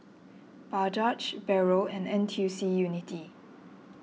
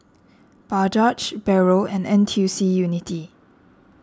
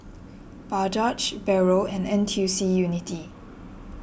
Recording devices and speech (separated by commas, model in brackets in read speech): mobile phone (iPhone 6), standing microphone (AKG C214), boundary microphone (BM630), read sentence